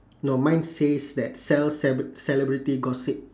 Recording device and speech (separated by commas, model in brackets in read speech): standing microphone, conversation in separate rooms